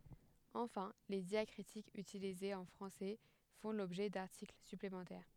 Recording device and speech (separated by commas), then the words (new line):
headset microphone, read sentence
Enfin, les diacritiques utilisés en français font l'objet d'articles supplémentaires.